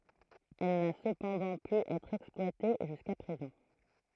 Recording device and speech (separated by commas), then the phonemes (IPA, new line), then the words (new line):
throat microphone, read sentence
ɛl na səpɑ̃dɑ̃ py ɛtʁ ɛksplwate ʒyska pʁezɑ̃
Elle n'a cependant pu être exploitée jusqu'à présent.